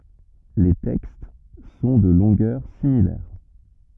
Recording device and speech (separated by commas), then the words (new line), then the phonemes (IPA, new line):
rigid in-ear microphone, read sentence
Les textes sont de longueurs similaires.
le tɛkst sɔ̃ də lɔ̃ɡœʁ similɛʁ